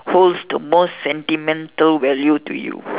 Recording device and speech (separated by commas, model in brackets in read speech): telephone, conversation in separate rooms